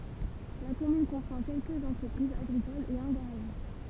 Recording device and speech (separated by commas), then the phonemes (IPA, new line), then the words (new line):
temple vibration pickup, read sentence
la kɔmyn kɔ̃pʁɑ̃ kɛlkəz ɑ̃tʁəpʁizz aɡʁikolz e œ̃ ɡaʁaʒist
La commune comprend quelques entreprises agricoles et un garagiste.